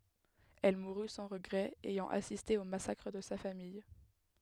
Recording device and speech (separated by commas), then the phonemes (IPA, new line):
headset microphone, read sentence
ɛl muʁy sɑ̃ ʁəɡʁɛz ɛjɑ̃ asiste o masakʁ də sa famij